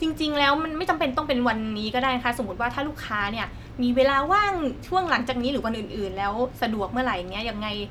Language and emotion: Thai, frustrated